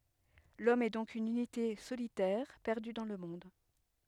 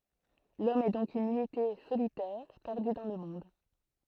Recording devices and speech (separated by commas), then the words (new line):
headset microphone, throat microphone, read sentence
L'homme est donc une unité solitaire perdue dans le monde.